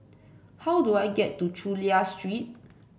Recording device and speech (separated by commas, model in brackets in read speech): boundary microphone (BM630), read sentence